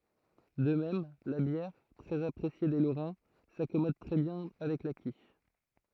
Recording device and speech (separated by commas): throat microphone, read sentence